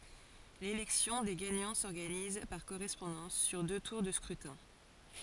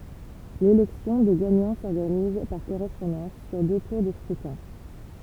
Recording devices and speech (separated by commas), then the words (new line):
forehead accelerometer, temple vibration pickup, read sentence
L'élection des gagnants s'organise, par correspondance, sur deux tours de scrutin.